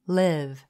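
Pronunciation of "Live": The word heard is 'live', not 'leave'.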